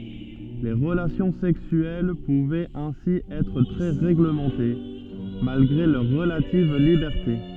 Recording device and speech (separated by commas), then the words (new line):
soft in-ear microphone, read sentence
Les relations sexuelles pouvaient ainsi être très réglementées, malgré leur relative liberté.